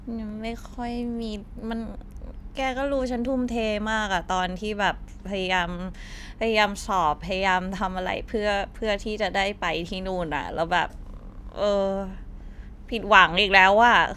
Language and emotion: Thai, frustrated